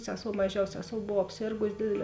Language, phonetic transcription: Lithuanian, ˈseˌsou maˈžiaus ˈseˌsou ˈbov apˈsėrgus ˈdėdeˌlē

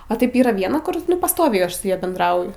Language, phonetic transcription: Lithuanian, a ˈtaip ˈyra ˈviena ˈkur ˈnu pasˈtoviai ˈaš su ˈja bendˈrauju

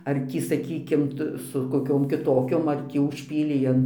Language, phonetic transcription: Lithuanian, ar ˈtį saˈkykim ˈta su koˈkiom kiˈtokiom ar ˈtį užˈpylei an

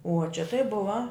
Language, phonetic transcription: Lithuanian, uo čia tai ˈbuva

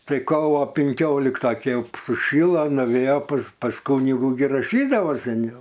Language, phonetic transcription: Lithuanian, ˈtai ˈkovo pinˈkiolikta ˈkei ˈjau suˈšilo nuˈvėjo pas pas ˈkūnigu gi raˈšydavo seˈniau

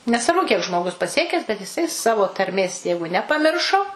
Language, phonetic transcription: Lithuanian, nesvarˈbu kiek žmoˈgus paˈsiekes bet jiˈsai savo tarˈmės ˈjeigu nepaˈmiršo

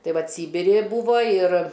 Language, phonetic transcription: Lithuanian, ˈtai ˈvat ˈsybiri i ˈbūvo ir

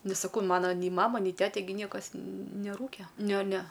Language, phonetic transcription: Lithuanian, ˈnes saˈkau ˈmana nei ˈmama nei ˈtete gi ˈniekas neˈrūke ˈne ne

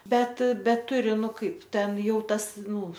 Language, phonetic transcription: Lithuanian, ˈbet ˈbet ˈturi ˈnu ˈkaip ˈten ˈjau ˈtas ˈnū

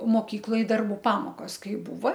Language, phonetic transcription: Lithuanian, moˈkykloj darˈbų ˈpamokos ˈkai ˈbūva

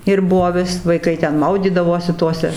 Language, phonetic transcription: Lithuanian, ir ˈbuo ˈvis vaiˈkai ˈten ˈmaudydavosi ˈtose

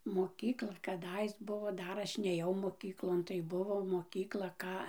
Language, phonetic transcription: Lithuanian, moˈkykla kaˈdais ˈbuvo ˈdar ˈaš nėˈjau moˈkyklon tai ˈbuvo moˈkykla ˈką

